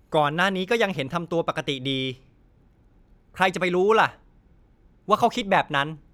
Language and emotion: Thai, frustrated